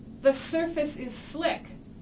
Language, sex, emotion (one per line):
English
female
neutral